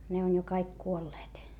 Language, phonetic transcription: Finnish, ne on jo kaik kuolleet .
- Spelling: ne on jo kaikki kuolleet

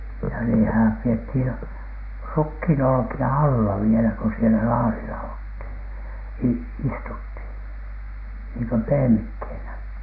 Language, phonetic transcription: Finnish, ja niitähäm 'piethin , "rukhìnolᵒki₍a "alla vielä ko sielä 'laarila olthìn , i- , "istuthìn , niiŋkö 'pehemikhènä .
- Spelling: ja niitähän pidettiin rukiinolkia alla vielä kun siellä laarilla oltiin - istuttiin niin kuin pehmikkeenä

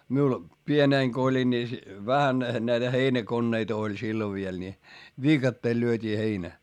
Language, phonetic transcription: Finnish, miul , pienèŋ ko oĺin ni , vähän näitä heinäkonneit ‿oĺ sillo viel ńi , viikatteel lyöt́ii heinä .
- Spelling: minulla pienenä kun olin niin vähän näitä heinäkoneita oli silloin vielä niin viikatteella lyötiin heinä

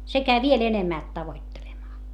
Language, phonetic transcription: Finnish, se käi viel ‿enemmä̀lt tavoittelemaa .
- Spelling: se kävi vielä enemmälti tavoittelemaan

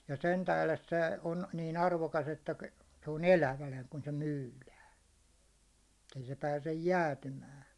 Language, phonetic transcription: Finnish, ja 'sen tähles se , on niin 'arvokas , että , se on "elävänä kun se "myylään , ettei se pääsej "jäätymää .
- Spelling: ja sen tähden se on niin arvokas että se on elävänä kun se myydään että ei se pääse jäätymään

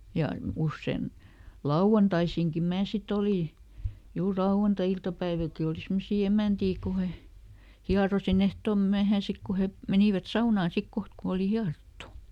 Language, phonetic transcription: Finnish, ja ˈussen , "lauʷantaisiŋki ˈmää siˈt ‿olì , ˈjuur ˈlauʷanta₍iltapäivilki oli ˈsimmosi "emä̀ntii ku he , ˈhiarosiˈn ‿ehtom ˈmyähää ˈsik ku ˈhe , "menìvät "saunaa sik ˈkoht ku oli "hiarottu .
- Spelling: ja usein lauantaisinkin minä sitten olin juuri lauantai-iltapäivilläkin oli semmoisia emäntiä kun he hieroin ehtoon myöhään sitten kun he menivät saunaan sitten kohta kun oli hierottu

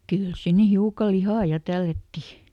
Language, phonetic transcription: Finnish, "kỳl ˈsinne ˈhiuka ˈlihà "ja tällätti .
- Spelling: kyllä sinne hiukan lihaa ja tällättiin

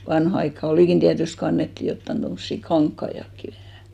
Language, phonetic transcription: Finnish, 'vanha aikka "olìkin 'tiätyst ko 'annetti 'jottan 'tommossi "kaŋkkaiʲakki vähä̀ .
- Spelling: vanhaan aikaan olikin tietysti kun annettiin jotakin tuommoisia kankaitakin vähän

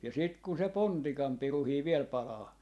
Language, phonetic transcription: Finnish, ja sit kun se "pontikam 'piruhii 'viel 'palaa .
- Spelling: ja sitten kun se pontikan pirukin vielä palaa

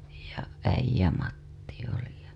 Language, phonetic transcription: Finnish, ja Äij̆jämatti oli ja .
- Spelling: ja Äijämatti oli ja

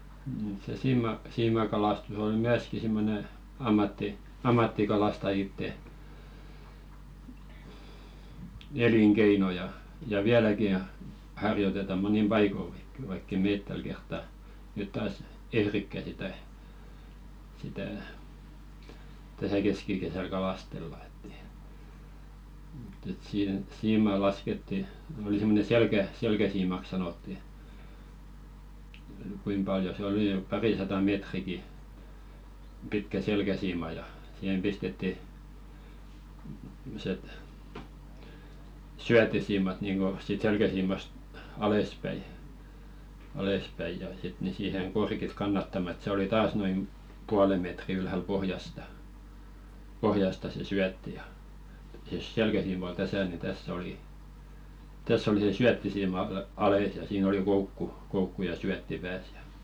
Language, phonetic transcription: Finnish, n̥ se 'siima- siimakalastus ol "myäski simmone , 'ammatti- , "ammattikalastajitte , 'eliŋkeino ja , ja 'viäläki (o) , harjoteta 'monim "paikoŋki vaikk ‿è "meet täl kertta , nyt 'taas "ehrikkä sitä , sitä̀ , 'täsä "keskikesäl kalastella ᴇtt ‿ᴇɪ , mᵘtt ‿et sii-"siima̳a̳§ 'lasketti , oli semmone 'selkä- , "selkäsiimak 'sanotti , 'kuim paljo se oli ⁿʸᵖ 'parisata "meetriki , pitkä "selkäsiima ja , 'sihem pistetti , [simmo]set , "syättisiimat niiŋɢo 'siit 'selkäsiimast , "alespäi , alespäi ja sit ni siiheŋ "korkit 'kannatta-ma ‿ĕt se oli "taas noim , 'puale metri ylhäl "pohjasta , 'pohjasta se "syätti ja , (jos) 'selkäsiima ol "täsä ni 'täss ‿olì , 'täss ‿oli se "syättisiima a-'ales ja siin ‿oli "koukku , 'koukku ja 'syätti "pääs ja .
- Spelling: ne se - siimakalastus oli myöskin semmoinen - ammattikalastajien elinkeino ja ja vieläkin on harjoitetaan monin paikonkin vaikka ei me tällä kertaa nyt taas ehdikään sitä sitä tässä keskikesällä kalastella että ei mutta että siimaa laskettiin oli semmoinen - selkäsiimaksi sanottiin kuinka paljon se oli nyt parisataa metriäkin pitkä selkäsiima ja siihen pistettiin semmoiset syöttisiimat niin kuin siitä selkäsiimasta alaspäin alaspäin ja sitten niin siihen korkit kannattamaan että se oli taas noin puolen metriä ylhäällä pohjasta pohjasta se syötti ja jos selkäsiima oli tässä niin tässä oli tässä oli se syöttisiima alas ja siinä oli koukku koukku ja syötti päässä ja

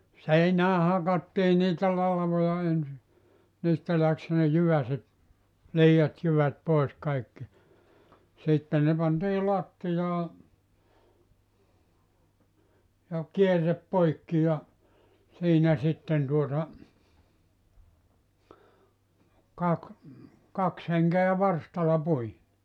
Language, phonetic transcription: Finnish, 'seinää 'hakattii niitä 'lalvoja ensi , 'niistä läks ne 'jyväset , "lii₍at jyvät 'pòis 'kaikki , 'sitte ne pantii 'lattijaa , ja "kierrep "poikki ja , 'siinä sitten tuota , 'kak , 'kaks heŋke₍ä 'varstal̆la 'pui .
- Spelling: seinään hakattiin niitä latvoja ensin niistä lähti ne jyväset liiat jyvät pois kaikki sitten ne pantiin lattiaan ja kierre poikki ja siinä sitten tuota - kaksi henkeä varstalla pui

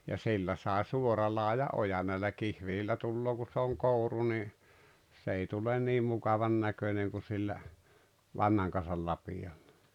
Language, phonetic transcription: Finnish, ja 'sillä sàe "suoralaaja’ "’ojan̆ näillä "kihvelillä tulloo ku se oŋ "kòuru ni , 's ‿ei tulen 'nii mukavan 'näköneŋ ku sillä , 'vanhaŋ kan̬sal 'lapijaɪʟᴀ .
- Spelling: ja sillä sai suoralaajan ojan näillä kihveleillä tulee kun se on kouru niin se ei tule niin mukavan näköinen kuin sillä vanhan kansan lapioilla

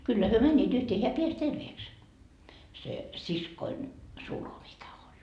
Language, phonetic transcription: Finnish, kyllä hyö "mäńńiit yhtee heä 'peäs 'terveeks , se 'siskoin , 'sulho mikä oĺ .
- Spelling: kyllä he menivät yhteen hän pääsi terveeksi se siskoni sulho mikä oli

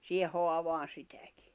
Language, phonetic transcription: Finnish, siihe 'hoavaan̬ 'sitäkɪ .
- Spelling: siihen haavaan sitäkin

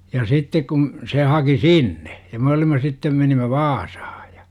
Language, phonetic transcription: Finnish, ja 'sittek kun̬ , se haki "sinne , ja me olim̆ma 'sittem menim̆mä "VaasAhA JA .
- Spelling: ja sitten kun se haki sinne ja me olimme sitten menimme Vaasaan ja

